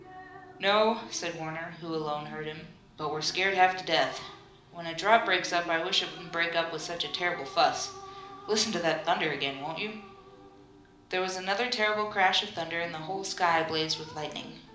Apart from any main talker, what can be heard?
A television.